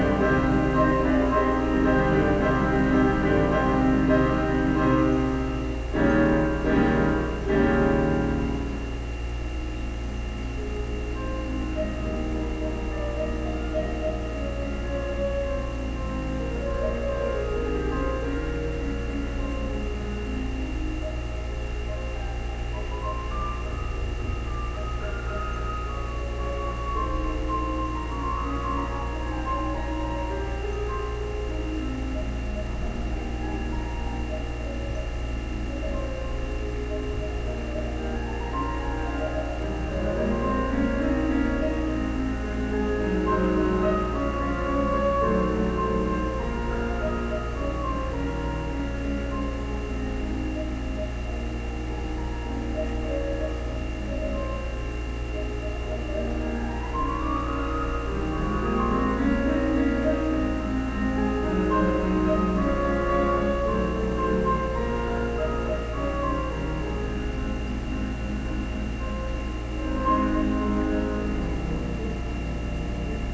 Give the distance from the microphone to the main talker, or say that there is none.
No main talker.